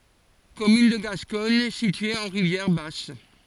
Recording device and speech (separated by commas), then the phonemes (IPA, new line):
forehead accelerometer, read sentence
kɔmyn də ɡaskɔɲ sitye ɑ̃ ʁivjɛʁ bas